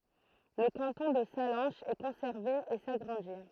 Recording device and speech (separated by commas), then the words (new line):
throat microphone, read sentence
Le canton de Sallanches est conservé et s'agrandit.